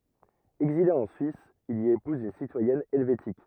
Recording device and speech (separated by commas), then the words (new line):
rigid in-ear microphone, read sentence
Exilé en Suisse, il y épouse une citoyenne helvétique.